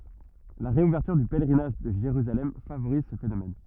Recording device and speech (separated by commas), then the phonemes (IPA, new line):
rigid in-ear microphone, read sentence
la ʁeuvɛʁtyʁ dy pɛlʁinaʒ də ʒeʁyzalɛm favoʁiz sə fenomɛn